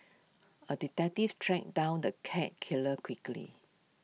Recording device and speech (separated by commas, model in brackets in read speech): mobile phone (iPhone 6), read sentence